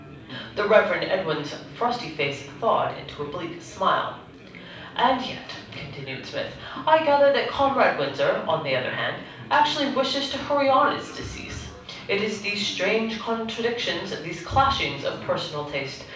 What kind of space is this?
A medium-sized room.